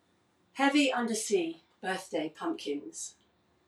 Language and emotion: English, neutral